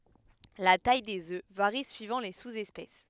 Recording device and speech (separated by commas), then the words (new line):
headset microphone, read sentence
La taille des œufs varie suivant les sous-espèces.